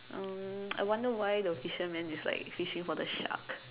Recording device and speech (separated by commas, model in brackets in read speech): telephone, conversation in separate rooms